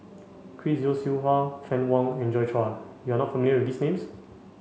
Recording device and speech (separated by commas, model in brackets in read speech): mobile phone (Samsung C5), read sentence